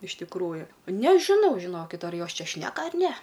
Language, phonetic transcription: Lithuanian, iš tikˈrųju nežiˈnau žiˈnokit ar ˈjos ˈčia ˈšneka ar ne

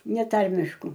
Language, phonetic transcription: Lithuanian, neˈtarmišku

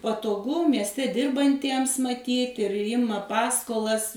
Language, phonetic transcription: Lithuanian, patoˈgu miesˈte ˈdirbantiems maˈtyt ir ˈjima ˈpaskolas

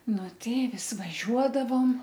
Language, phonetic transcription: Lithuanian, ˈnu ˈtai ˈvis vaˈžiuodavom

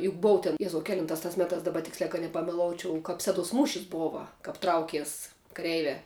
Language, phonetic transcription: Lithuanian, juk ˈbou ten ˈjezau ˈkelintās tas ˈmetās ˈdaba ˈtiksliā kad nepameˈloučiau kap ˈseˌduos ˈmūšis ˈbova ˈkap ˈtraukies kaˈreiviā

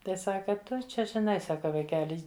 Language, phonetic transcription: Lithuanian, ˈtai ˈsaka ˈtu ˈčia žiˈnai ˈsaka vaiˈkeli

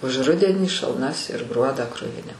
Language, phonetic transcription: Lithuanian, už ˈrudenį šalˈnas ir ˈgruodą ˈkruvini

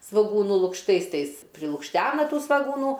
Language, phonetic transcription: Lithuanian, svoˈgūnų lukšˈtais ˈtais prilukšˈtena ˈtų svagūˈnų

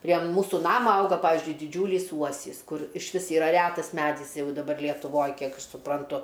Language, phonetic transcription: Lithuanian, prie ˈmūsų ˈnama ˈauga paˈvizdžiui diˈdžiūlys ˈuosys ˈkur išˈvis yˈra ˈrætas ˈmædis ˈjau daˈbar lietuˈvoj ˈkiek aš supranˈtu

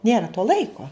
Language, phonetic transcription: Lithuanian, ˈnėra to ˈlaiko

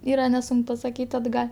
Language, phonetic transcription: Lithuanian, ˈyra neˈsunk pasakyt' atˈgal'

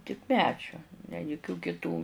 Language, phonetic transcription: Lithuanian, tik ˈmedžio ne juˈkių kiˈtų

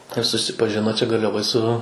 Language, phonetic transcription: Lithuanian, ir susipaˈžino ˈčia garliaˈvoj su

